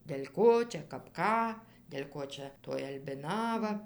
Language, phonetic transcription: Lithuanian, del' ˈko ˈčia kap ˈką del' ˈko čia toj albiˈnava

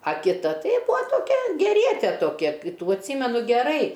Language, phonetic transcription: Lithuanian, a kiˈta ˈtai ˈbua toˈkia gerieˈte toˈkia ˈtų atˈsymenu geˈrai

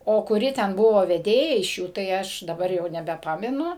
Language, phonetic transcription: Lithuanian, o kuˈri ten ˈbuvo veˈdėja iš ˈjų tai ˈaš daˈbar jau nebeˈpamenu

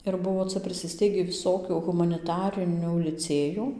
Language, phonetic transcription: Lithuanian, ir ˈbuvo ˈca prisiˈsteigį viˈsokių humaniˈtarinių liˈcėjų

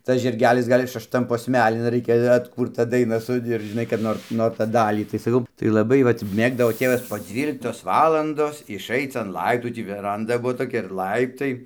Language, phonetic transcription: Lithuanian, ˈtas žirˈgelis ˈgal' is šašˈtam posˈmelin ˈraikia atˈkūrta ˈdaina su ir ˈžinai kad ˈnor ˈnor ˈtą ˈdalį tai saˈkau tai laˈbai ˈvat ˈmėgdavo ˈtėvas po ˈdzvyliktos ˈvalandos išˈaic an ˈlaiptų ˈtį veˈranda ˈbuo toˈkia ir ˈlaiptai

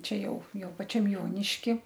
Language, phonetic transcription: Lithuanian, ˈčia ˈjau ˈjau paˈčiam ˈjoniški

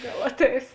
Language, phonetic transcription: Lithuanian, ˈgal ˈatˌeis

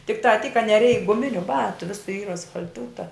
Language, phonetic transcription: Lithuanian, tikˈtā tyk ka neˈreik guˈminiu ˈbatu ˈvisu ˈyr asfal'ˈtūta

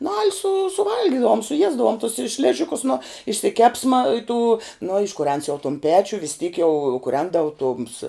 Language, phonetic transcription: Lithuanian, nu al' su suˈvalgidavum suˈjiesdavum tus i ˈšližikus nu išsiˈkepsma i tų no iškuˈrens jau tum ˈpečiu vis tyk jau kuˈrendavu tums

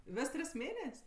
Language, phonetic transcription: Lithuanian, ˈves ˈtris ˈmėnes'

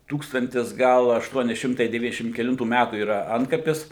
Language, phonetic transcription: Lithuanian, ˈtūkstantis ˈgal ašˈtuoni ˈšimtai deˈvyniasdešim keˈlintų ˈmætų yˈra ˈantkapis

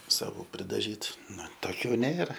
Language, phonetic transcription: Lithuanian, saˈvų pridaˈžytu ˈnu toˈkių ˈnėra

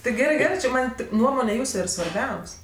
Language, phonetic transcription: Lithuanian, tai ˈgerɜ ˈgerɜ či ˈman' ˈtik ˈnuomone ˈjūsu ir svarˈbiaus'

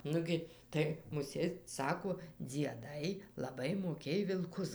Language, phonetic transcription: Lithuanian, ˈnugi ˈtai muˈsėt ˈsako dzieˈdai laˈbai moˈkėj vilˈkus

